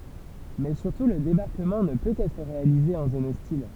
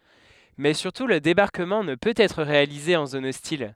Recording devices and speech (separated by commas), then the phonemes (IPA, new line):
temple vibration pickup, headset microphone, read sentence
mɛ syʁtu lə debaʁkəmɑ̃ nə pøt ɛtʁ ʁealize ɑ̃ zon ɔstil